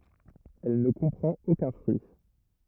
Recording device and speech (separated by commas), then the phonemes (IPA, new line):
rigid in-ear microphone, read sentence
ɛl nə kɔ̃pʁɑ̃t okœ̃ fʁyi